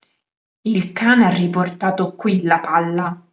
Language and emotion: Italian, angry